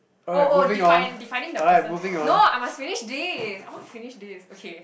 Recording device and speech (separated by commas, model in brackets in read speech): boundary microphone, conversation in the same room